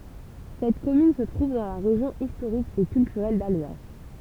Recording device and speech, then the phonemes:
temple vibration pickup, read sentence
sɛt kɔmyn sə tʁuv dɑ̃ la ʁeʒjɔ̃ istoʁik e kyltyʁɛl dalzas

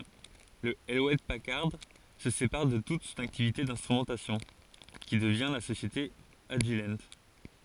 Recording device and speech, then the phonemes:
forehead accelerometer, read sentence
lə  julɛt pakaʁd sə sepaʁ də tut sɔ̃n aktivite ɛ̃stʁymɑ̃tasjɔ̃ ki dəvjɛ̃ la sosjete aʒil

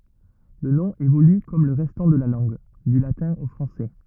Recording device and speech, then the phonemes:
rigid in-ear microphone, read sentence
lə nɔ̃ evoly kɔm lə ʁɛstɑ̃ də la lɑ̃ɡ dy latɛ̃ o fʁɑ̃sɛ

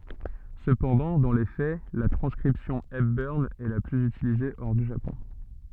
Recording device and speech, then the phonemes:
soft in-ear microphone, read sentence
səpɑ̃dɑ̃ dɑ̃ le fɛ la tʁɑ̃skʁipsjɔ̃ ɛpbœʁn ɛ la plyz ytilize ɔʁ dy ʒapɔ̃

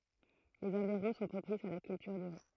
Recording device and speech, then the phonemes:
throat microphone, read sentence
lez ɑ̃viʁɔ̃ sɔ̃ pʁopisz a la kyltyʁ dy ʁi

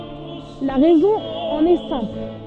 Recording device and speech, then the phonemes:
soft in-ear microphone, read sentence
la ʁɛzɔ̃ ɑ̃n ɛ sɛ̃pl

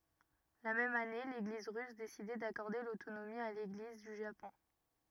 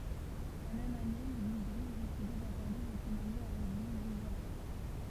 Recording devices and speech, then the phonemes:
rigid in-ear microphone, temple vibration pickup, read sentence
la mɛm ane leɡliz ʁys desidɛ dakɔʁde lotonomi a leɡliz dy ʒapɔ̃

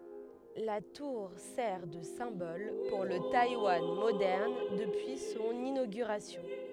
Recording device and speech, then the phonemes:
headset microphone, read sentence
la tuʁ sɛʁ də sɛ̃bɔl puʁ lə tajwan modɛʁn dəpyi sɔ̃n inoɡyʁasjɔ̃

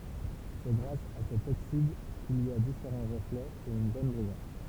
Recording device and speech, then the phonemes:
temple vibration pickup, read sentence
sɛ ɡʁas a sɛt oksid kil i a difeʁɑ̃ ʁəflɛz e yn bɔn bʁijɑ̃s

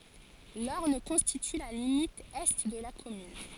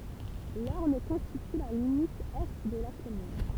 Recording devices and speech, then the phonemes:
forehead accelerometer, temple vibration pickup, read sentence
lɔʁn kɔ̃stity la limit ɛ də la kɔmyn

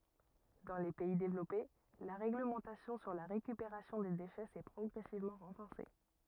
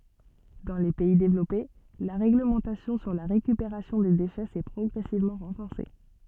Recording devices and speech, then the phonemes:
rigid in-ear microphone, soft in-ear microphone, read sentence
dɑ̃ le pɛi devlɔpe la ʁeɡləmɑ̃tasjɔ̃ syʁ la ʁekypeʁasjɔ̃ de deʃɛ sɛ pʁɔɡʁɛsivmɑ̃ ʁɑ̃fɔʁse

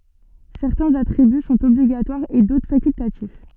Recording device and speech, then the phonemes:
soft in-ear microphone, read sentence
sɛʁtɛ̃z atʁiby sɔ̃t ɔbliɡatwaʁz e dotʁ fakyltatif

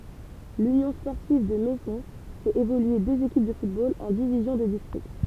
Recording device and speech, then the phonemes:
temple vibration pickup, read sentence
lynjɔ̃ spɔʁtiv də mɛzɔ̃ fɛt evolye døz ekip də futbol ɑ̃ divizjɔ̃ də distʁikt

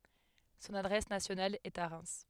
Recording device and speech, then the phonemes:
headset microphone, read sentence
sɔ̃n adʁɛs nasjonal ɛt a ʁɛm

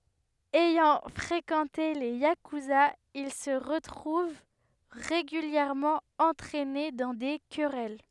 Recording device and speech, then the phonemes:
headset microphone, read sentence
ɛjɑ̃ fʁekɑ̃te le jakyzaz il sə ʁətʁuv ʁeɡyljɛʁmɑ̃ ɑ̃tʁɛne dɑ̃ de kʁɛl

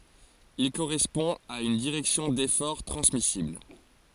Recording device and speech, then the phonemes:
forehead accelerometer, read sentence
il koʁɛspɔ̃ a yn diʁɛksjɔ̃ defɔʁ tʁɑ̃smisibl

